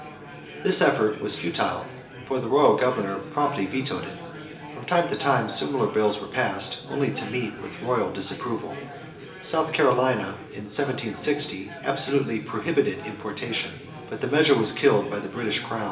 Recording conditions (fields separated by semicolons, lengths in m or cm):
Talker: one person; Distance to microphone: 1.8 m; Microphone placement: close; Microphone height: 1.0 m; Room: large; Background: babble